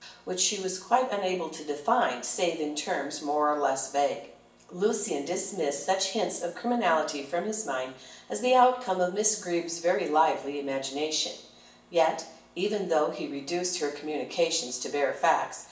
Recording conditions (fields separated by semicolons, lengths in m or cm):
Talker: one person; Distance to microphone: 1.8 m; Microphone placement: close; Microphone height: 1.0 m; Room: large; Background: none